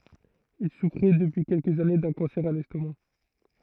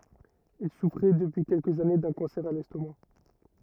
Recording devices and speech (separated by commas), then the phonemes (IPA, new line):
throat microphone, rigid in-ear microphone, read sentence
il sufʁɛ dəpyi kɛlkəz ane dœ̃ kɑ̃sɛʁ a lɛstoma